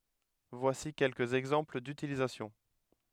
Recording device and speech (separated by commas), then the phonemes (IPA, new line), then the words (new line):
headset microphone, read sentence
vwasi kɛlkəz ɛɡzɑ̃pl dytilizasjɔ̃
Voici quelques exemples d’utilisation.